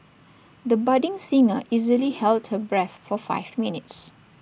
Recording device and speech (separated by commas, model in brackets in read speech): boundary microphone (BM630), read sentence